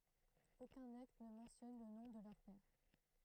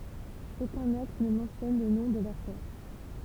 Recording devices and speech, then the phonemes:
throat microphone, temple vibration pickup, read sentence
okœ̃n akt nə mɑ̃tjɔn lə nɔ̃ də lœʁ pɛʁ

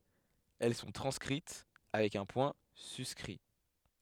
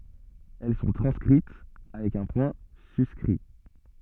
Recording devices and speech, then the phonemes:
headset microphone, soft in-ear microphone, read sentence
ɛl sɔ̃ tʁɑ̃skʁit avɛk œ̃ pwɛ̃ syskʁi

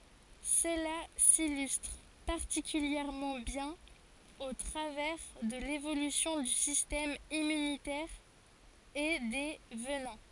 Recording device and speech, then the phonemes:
forehead accelerometer, read sentence
səla silystʁ paʁtikyljɛʁmɑ̃ bjɛ̃n o tʁavɛʁ də levolysjɔ̃ dy sistɛm immynitɛʁ e de vənɛ̃

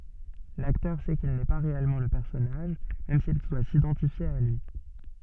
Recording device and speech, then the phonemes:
soft in-ear microphone, read sentence
laktœʁ sɛ kil nɛ pa ʁeɛlmɑ̃ lə pɛʁsɔnaʒ mɛm sil dwa sidɑ̃tifje a lyi

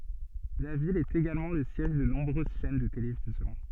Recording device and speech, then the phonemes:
soft in-ear microphone, read sentence
la vil ɛt eɡalmɑ̃ lə sjɛʒ də nɔ̃bʁøz ʃɛn də televizjɔ̃

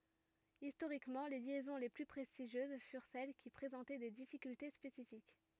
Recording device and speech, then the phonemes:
rigid in-ear microphone, read sentence
istoʁikmɑ̃ le ljɛzɔ̃ le ply pʁɛstiʒjøz fyʁ sɛl ki pʁezɑ̃tɛ de difikylte spesifik

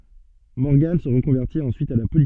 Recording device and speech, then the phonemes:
soft in-ear microphone, read sentence
mɔʁɡɑ̃ sə ʁəkɔ̃vɛʁtit ɑ̃syit a la politik

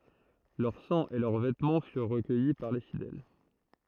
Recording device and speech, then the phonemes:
throat microphone, read sentence
lœʁ sɑ̃ e lœʁ vɛtmɑ̃ fyʁ ʁəkœji paʁ le fidɛl

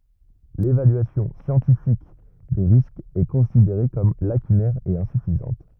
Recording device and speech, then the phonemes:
rigid in-ear microphone, read sentence
levalyasjɔ̃ sjɑ̃tifik de ʁiskz ɛ kɔ̃sideʁe kɔm lakynɛʁ e ɛ̃syfizɑ̃t

